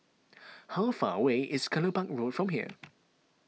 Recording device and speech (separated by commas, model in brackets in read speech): mobile phone (iPhone 6), read sentence